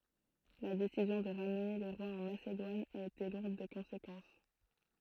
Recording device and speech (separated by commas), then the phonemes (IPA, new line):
throat microphone, read sentence
la desizjɔ̃ də ʁamne le ʁwaz ɑ̃ masedwan a ete luʁd də kɔ̃sekɑ̃s